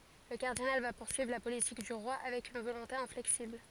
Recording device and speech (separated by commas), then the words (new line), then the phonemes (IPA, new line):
forehead accelerometer, read sentence
Le cardinal va poursuivre la politique du roi avec une volonté inflexible.
lə kaʁdinal va puʁsyivʁ la politik dy ʁwa avɛk yn volɔ̃te ɛ̃flɛksibl